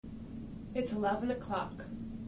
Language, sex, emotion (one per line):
English
female
neutral